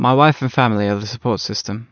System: none